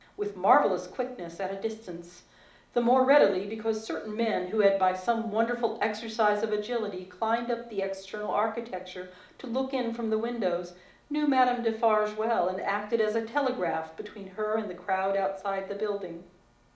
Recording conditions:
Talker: one person; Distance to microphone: 2.0 m; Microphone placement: close; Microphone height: 99 cm; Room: medium-sized (5.7 m by 4.0 m); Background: none

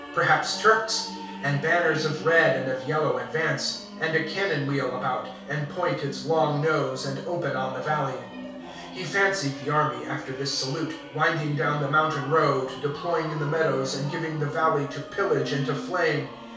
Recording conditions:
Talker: one person; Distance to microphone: 3.0 m; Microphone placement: far; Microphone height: 1.8 m; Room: small (3.7 m by 2.7 m); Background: music

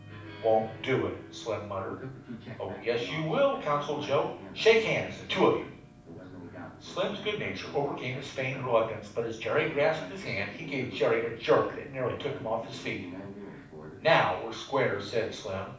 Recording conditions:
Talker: one person; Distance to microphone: 5.8 m; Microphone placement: far; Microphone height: 1.8 m; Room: medium-sized (5.7 m by 4.0 m); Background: television

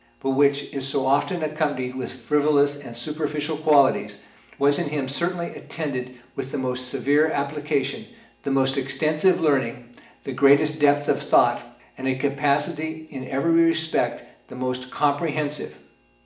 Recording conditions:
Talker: one person; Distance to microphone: 1.8 m; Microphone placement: close; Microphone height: 1.0 m; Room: large; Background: none

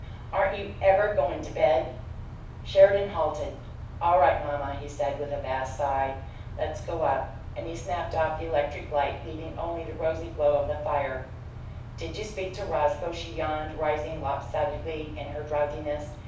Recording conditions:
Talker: one person; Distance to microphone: 5.8 m; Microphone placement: far; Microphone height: 1.8 m; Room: medium-sized (5.7 m by 4.0 m); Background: none

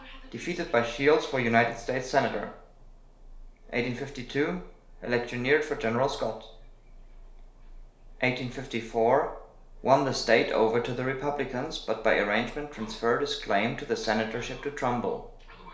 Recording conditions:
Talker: one person; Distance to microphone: 1.0 m; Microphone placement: close; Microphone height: 1.1 m; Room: small (3.7 m by 2.7 m); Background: television

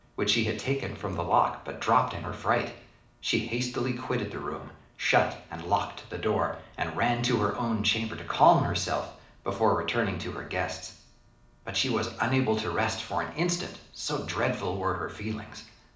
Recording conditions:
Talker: one person; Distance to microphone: 2.0 m; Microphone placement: close; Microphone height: 99 cm; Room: medium-sized (5.7 m by 4.0 m); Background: none

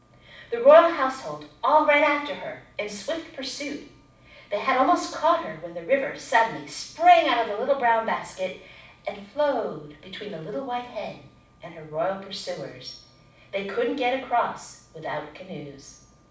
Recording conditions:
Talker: one person; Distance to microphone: 5.8 m; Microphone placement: far; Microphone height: 1.8 m; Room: medium-sized (5.7 m by 4.0 m); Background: none

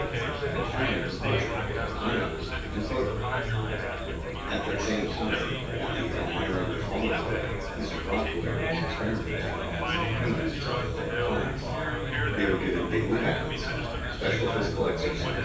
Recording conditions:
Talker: one person; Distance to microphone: 9.8 m; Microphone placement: far; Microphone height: 1.8 m; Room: large; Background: babble

